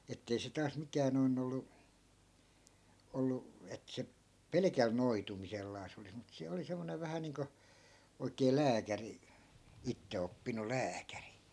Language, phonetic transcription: Finnish, 'ettei se taas 'mikään̆ noin ‿ollu , 'ollu , et 'se , "pelekäl 'noitumisellaas ‿olis mut se 'oli 'semmonev vähä niiŋko , oik̀ee "lääkäri , 'itteoppinul̆ "lääkäri .
- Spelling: että ei se taas mikään noin ollut ollut että se pelkällä noitumisellaan olisi mutta se oli semmoinen vähän niin kuin oikea lääkäri itseoppinut lääkäri

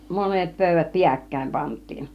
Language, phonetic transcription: Finnish, monet 'pö̀yvät "piäkkäim 'pant̆tiin .
- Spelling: monet pöydät pääkkäin pantiin

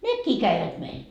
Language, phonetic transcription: Finnish, "nekkii 'käivät meil .
- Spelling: nekin kävivät meillä

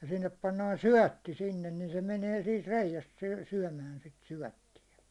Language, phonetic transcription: Finnish, ja sinnep pannaan "syäₒtti sinnen nin 'se 'menee siit 'reijäst syy- , syäₒmän sit 'syäₒttijä .
- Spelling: ja sinne pannaan syötti sinne niin se menee siitä reiästä - syömään sitä syöttiä

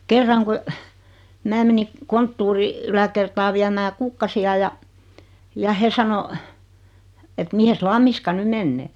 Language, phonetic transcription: Finnish, 'kerraŋ ku , 'mää meni , 'konttuuri , 'yläkertaa 'viämää "kukkasi₍a ja , ja 'he sano , et » 'mihes "Lammiska 'ny mennee « .
- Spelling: kerran kun minä menin konttorin yläkertaan viemään kukkasia ja ja he sanoi että mihin Lammiska nyt menee

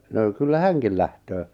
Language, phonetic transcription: Finnish, no , kyllä "häŋkil lähtöö .
- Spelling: no kyllä hänkin lähtee

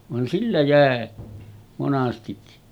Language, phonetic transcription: Finnish, van 'sillä jä̀e , 'monastikki .
- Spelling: vaan sillä jäi monastikin

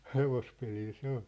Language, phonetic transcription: Finnish, 'hevospelil se ‿oʟ ,.
- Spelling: hevospelillä se oli

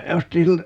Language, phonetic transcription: Finnish, 'ostin̬ siltä , .
- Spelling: ostin siltä

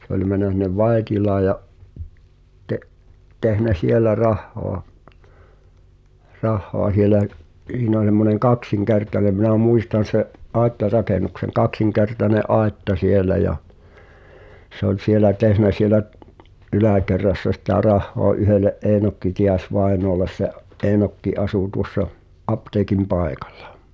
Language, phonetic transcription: Finnish, 'se ‿ol män̆nä sin̆nev "Vaetilaa ja’ , te’- tehnä "sielä 'rahhoa , 'rahhoa sielä’ , '’h̳iin ‿o(n̬) (s)emmoneŋ "kaksiŋkertanem minä̀ 'mùistan̬ se’ , '’àetta"rakenukseŋ , "kaksiŋkertane’ '’àetta 'sielä ja , se ‿ol 'sielä "tehnä sielä’ , '’ylä̀kerrassa sitä "rahhoa ’yhele’ "’Eenokki Ti₍as -'vaenoales se’ , '’Eenokki 'asù tuŏssa , "’apteekim 'paekᴀʟʟᴀ .
- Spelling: se oli mennyt sinne Vaittilaan ja - tehnyt siellä rahaa rahaa siellä siinä on semmoinen kaksinkertainen minä muistan sen aittarakennuksen kaksinkertainen aitta siellä ja se oli siellä tehnyt siellä yläkerrassa sitä rahaa yhdelle Eenokki Tiais vainajalle se Eenokki asui tuossa apteekin paikalla

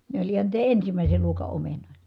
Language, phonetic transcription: Finnish, ne oĺ ihan niitä ensimä̀ise luoka omenòitA .
- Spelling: ne oli ihan niitä ensimmäisen luokan omenoita

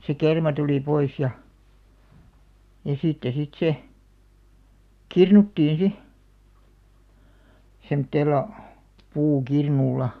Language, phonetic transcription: Finnish, se 'kerma tulì 'pois ja , ja 'sitte sit se , "kirnuttiin 'si , 'semᵒtteella , 'puukirnulla .
- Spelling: se kerma tuli pois ja ja sitten sitten se kirnuttiin sitten semmoisella puukirnulla

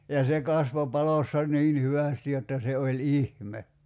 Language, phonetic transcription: Finnish, ja se 'kasvo 'palossa 'niin̳§ "hyvästi jotta se oĺ "ihme .
- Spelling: ja se kasvoi palossa niin hyvästi jotta se oli ihme

